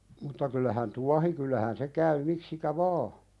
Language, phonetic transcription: Finnish, mutta kyllähän "tuahi kyllähän 'se käy miksikä "vaa .
- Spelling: mutta kyllähän tuohi kyllähän se käy miksikä vain

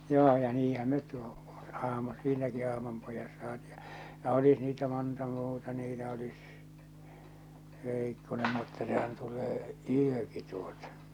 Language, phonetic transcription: Finnish, 'joo ja 'niihäm met tu- , ahma 'siinäki 'ahmampojas saatɪ ja , ja olis niitä 'monta muuta niitä olis , 'vèikkonem mutta sehän 'tul̆lee , 'yöki tuotᴀ .
- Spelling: joo ja niinhän me - ahma siinäkin ahmanpojassa saatiin ja ja olisi niitä monta muuta niitä olisi veikkonen mutta sehän tulee yökin tuota

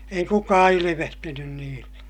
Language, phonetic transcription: Finnish, ei kukaa ilivehtinyn niille .
- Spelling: ei kukaan ilvehtinyt niille

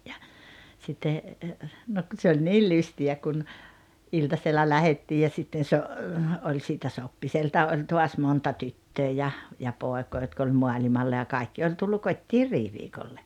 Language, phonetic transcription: Finnish, ja , sitte , nok ku se oĺ 'niil 'lysti₍ä kun , 'iltasella 'lähettii ja sitten so- , oĺ siitä 'Soppiselta '’oĺ toas 'monta 'tyttöö ja , ja 'pòekoo jotk ‿oĺ 'moaĺimalla ja 'kaikki oĺ tullu 'kot́t́iir "riiviikolle .
- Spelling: ja sitten no kun se oli niin lystiä kun iltasella lähdettiin ja sitten - oli siitä Soppiselta oli taas monta tyttöä ja ja poikaa jotka oli maailmalla ja kaikki oli tullut kotiin riiviikolle

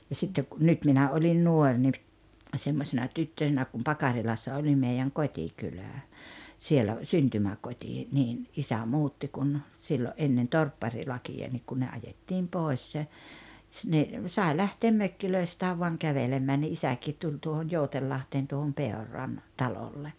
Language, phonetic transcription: Finnish, ja 'sittek ku , 'nyt minä oĺin 'nuor ni , 'semmosena "tyttösenä kum 'Pakarilassa 'oĺi meijäŋ "kot́ikylä̀ , 'sielä , "syntymäkot́i , niin , 'isä "muutti kun , 'siilo’ '’ennen "torpparilakija nik kun ne 'ajettiim 'pòes , ni , 'sae "lähteem 'mökkilöistääv voaŋ "kävelemmää ni "isäkiit 'tuĺ tuohon "jouteliahteen tuohom "Peor̆ran , 'talolle .
- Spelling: ja sitten kun nyt minä olin nuori niin semmoisena tyttösenä kun Pakarilassa oli meidän kotikylä siellä syntymäkoti niin isä muutti kun silloin ennen torpparilakia niin kun ne ajettiin pois niin sai lähteä mökeistään vain kävelemään niin isäkin tuli tuohon Jousenlahteen tuohon Peuran talolle

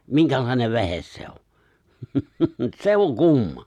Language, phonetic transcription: Finnish, miŋkälài̬nev 've̬hes se o , "se oŋ 'kumma !
- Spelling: minkälainen vehje se on se on kumma

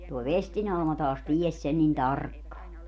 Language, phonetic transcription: Finnish, toi "vesti'n ‿Alma taas "ties 'sen nin "tarkkaa .
- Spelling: tuo vestin Alma taas tiesi sen niin tarkkaan

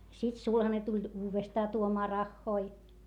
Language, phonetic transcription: Finnish, sit sulhane tuĺ uuvestaa tuomaa rahhoi .
- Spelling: sitten sulhanen tuli uudestaan tuomaan rahoja

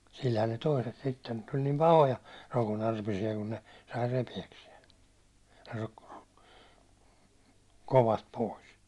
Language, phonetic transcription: Finnish, silhän ne 'toiset sitten , tuĺ nim "pahoja , 'rokonarpisi₍a kun ne , sai 'repi₍äksiɛn̬ , rᴏkkᴏ- rᴏkkᴏ- , kovast pois .
- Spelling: sillähän ne toiset sitten tuli niin pahoja rokonarpisia kun ne sai repiäkseen - - kovasti pois

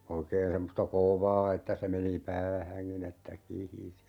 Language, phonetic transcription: Finnish, 'oikeen 'semmosta "kòvaa että se 'meni "päähäŋkin ‿että 'kihisi .
- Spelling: oikein semmoista kovaa että se meni päähänkin että kihisi

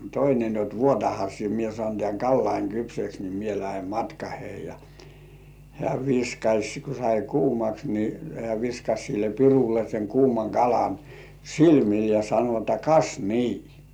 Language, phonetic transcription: Finnish, toine ni ot » 'vuotaha sie mie sŏàn tĕä̀ŋ "kallaiŋ kypseks ni 'mie lähem "matkahei « ja , hĕä̀ 'viskaś ku sai "kuumaks ni , hĕä̀ viskaś sille 'pirulle seŋ 'kuumaŋ "kalan , "silmil ja sano että » "kas "nii « .
- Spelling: toinen niin jotta vuotahan sinä minä saan tämän kalani kypsäksi niin minä lähden matkaani ja hän viskasi kun sai kuumaksi niin hän viskasi sille pirulle sen kuuman kalan silmille ja sanoi että kas niin

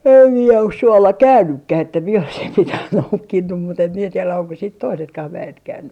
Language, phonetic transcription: Finnish, em mie os 'suolla "käynnykkäh että mie oisim 'mitäh "noukkinnum mut ‿em mie 'tielä oŋko siit "toisetkah 'vä₍et 'käynny .
- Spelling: en minä ole suolla käynytkään että minä olisin mitään noukkinut mutta en minä tiedä onko sitten toisetkaan väet käynyt

